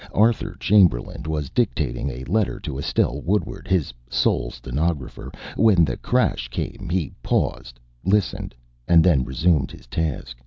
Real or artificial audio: real